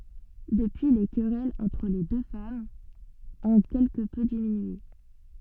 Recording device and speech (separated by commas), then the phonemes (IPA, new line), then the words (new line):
soft in-ear microphone, read sentence
dəpyi le kʁɛlz ɑ̃tʁ le dø famz ɔ̃ kɛlkə pø diminye
Depuis les querelles entre les deux femmes ont quelque peu diminué.